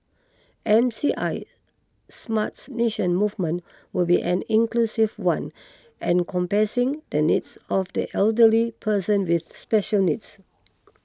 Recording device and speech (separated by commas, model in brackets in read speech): close-talking microphone (WH20), read sentence